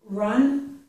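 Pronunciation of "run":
The ending of 'iron' is said as 'run' here. This is incorrect, and American English does not pronounce it that way.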